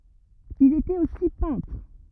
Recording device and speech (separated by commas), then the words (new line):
rigid in-ear microphone, read sentence
Il était aussi peintre.